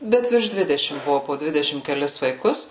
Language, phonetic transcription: Lithuanian, ˈbet virš ˈdvidešim ˈbuvu po ˈdvidešim keˈlis vaiˈkus

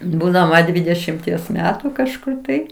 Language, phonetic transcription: Lithuanian, ˈbūdama ˈdvydešimties ˈmetu kažˈkur tai

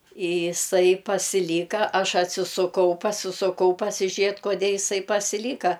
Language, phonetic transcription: Lithuanian, i iˈsai pasiˈlyka ˈaš atsisuˈkau pasisuˈkau pasiˈžėt koˈdė iˈsai pasiˈlyka

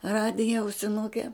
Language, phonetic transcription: Lithuanian, ˈradija ausiˈnuke

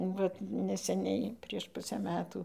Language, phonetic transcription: Lithuanian, ˈvat neseˈniai prieš ˈpusę ˈmetų

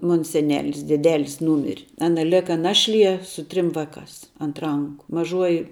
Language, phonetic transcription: Lithuanian, ˈmon seˈnelis deˈdelis ˈnūmir' ˈana ˈleka ˈnašˌlie su ˈtrim ˈvaˌkās ant ˈranku maˈžuoji

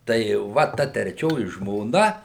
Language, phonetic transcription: Lithuanian, tai ˈva ˈta treˈčioji žmoˈna

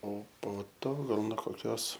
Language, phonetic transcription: Lithuanian, o po ˈto ˈgal no koˈkios

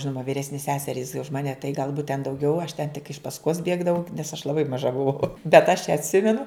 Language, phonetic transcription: Lithuanian, ˈžinoma vyˈresnės ˈseserys už ˈmane tai galˈbūt ten dauˈgiau aš ten tik iš pasˈkos ˈbėgdavau nes aš laˈbai maˈža buˈvau bet aš atˈsimenu

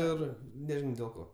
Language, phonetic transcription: Lithuanian, ˈir neˈžinau dėl ˈko

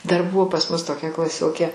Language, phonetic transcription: Lithuanian, dar ˈbuvo pas ˈmus toˈkia klaˈsiokė

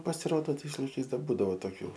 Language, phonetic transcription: Lithuanian, pasiˈrodo ˈtais laiˈkais ˈdar ˈbūdavo toˈkių

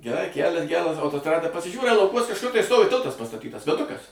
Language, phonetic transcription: Lithuanian, geˈrai ˈkælias ˈgeras autosˈtrada pasiˈžiūrai lauˈkuos kažˈkur tai ˈstovi ˈtiltas pastaˈtytas viaˈdukas

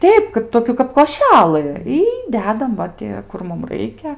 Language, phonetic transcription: Lithuanian, ˈteip ˈkap ˈtokių kap koˈšælɨ y ˈdedam ˈva ti ˈkur ˈmum ˈraikia

